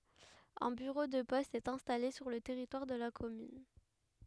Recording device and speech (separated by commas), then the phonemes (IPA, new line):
headset microphone, read sentence
œ̃ byʁo də pɔst ɛt ɛ̃stale syʁ lə tɛʁitwaʁ də la kɔmyn